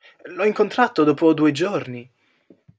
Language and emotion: Italian, surprised